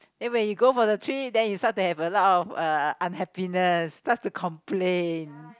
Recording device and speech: close-talking microphone, conversation in the same room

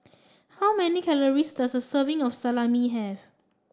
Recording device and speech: standing microphone (AKG C214), read sentence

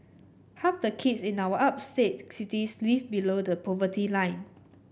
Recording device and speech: boundary microphone (BM630), read sentence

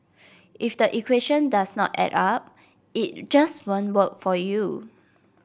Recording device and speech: boundary microphone (BM630), read sentence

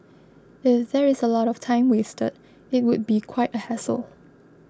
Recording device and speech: close-talking microphone (WH20), read sentence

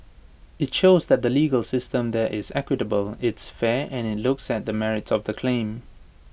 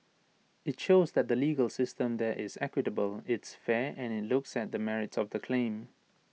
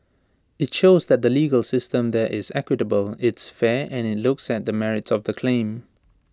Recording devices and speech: boundary microphone (BM630), mobile phone (iPhone 6), standing microphone (AKG C214), read sentence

